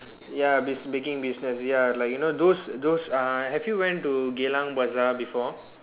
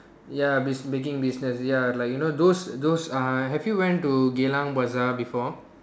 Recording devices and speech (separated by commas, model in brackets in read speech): telephone, standing microphone, conversation in separate rooms